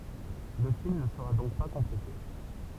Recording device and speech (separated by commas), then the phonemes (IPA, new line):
temple vibration pickup, read sentence
lə film nə səʁa dɔ̃k pa kɔ̃plete